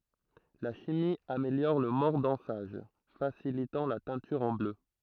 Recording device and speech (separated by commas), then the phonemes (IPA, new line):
throat microphone, read sentence
la ʃimi ameljɔʁ lə mɔʁdɑ̃saʒ fasilitɑ̃ la tɛ̃tyʁ ɑ̃ blø